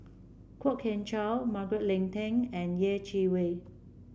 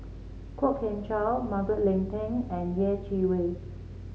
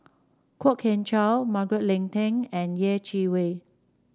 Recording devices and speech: boundary microphone (BM630), mobile phone (Samsung C7), standing microphone (AKG C214), read sentence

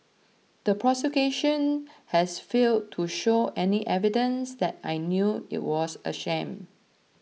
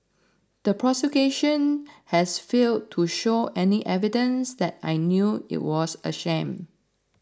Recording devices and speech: mobile phone (iPhone 6), standing microphone (AKG C214), read sentence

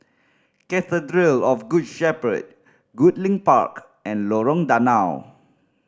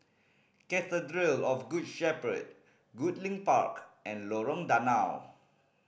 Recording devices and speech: standing microphone (AKG C214), boundary microphone (BM630), read sentence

